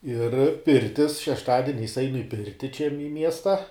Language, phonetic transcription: Lithuanian, ir ˈpirtis šešˈtadiniais ˈainu i ˈpirti čia mi ˈmiesta

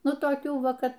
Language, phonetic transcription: Lithuanian, ˈnu toˈkių ˈva ˈka

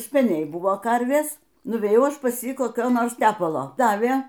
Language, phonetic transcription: Lithuanian, speˈniai ˈbuvo ˈkarvės nuvėˈjau ˈaš pas ˈjį koˈkio ˈnors ˈtepalo ˈdavė

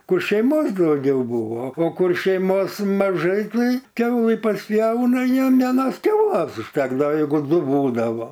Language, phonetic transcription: Lithuanian, ˈkur šeiˈmos dauˈgiau ˈbuvo o ˈkur šeiˈmos maˈžai ˈtai ˈkiaulɨ pasˈpjauna ˈjiem vieˈnos ˈkiaulas užˈtekdao jeiˈgu ˈdu ˈbūdavo

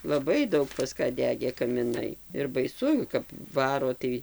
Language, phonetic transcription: Lithuanian, laˈbai ˈdaug pas ˈką ˈdegė kamiˈnai ir baiˈsu kap ˈvaro tai

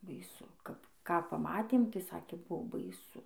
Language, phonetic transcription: Lithuanian, baiˈsu ˈkap ˈką paˈmatėm tai ˈsakė ˈbuo baiˈsu

